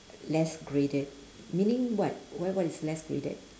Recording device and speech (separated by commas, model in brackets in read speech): standing microphone, conversation in separate rooms